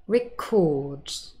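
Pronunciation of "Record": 'Record' is pronounced as the verb, not the noun, with the stress on the second syllable.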